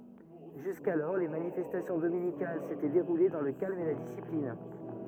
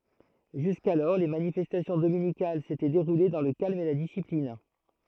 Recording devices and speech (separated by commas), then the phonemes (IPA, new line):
rigid in-ear microphone, throat microphone, read sentence
ʒyskalɔʁ le manifɛstasjɔ̃ dominikal setɛ deʁule dɑ̃ lə kalm e la disiplin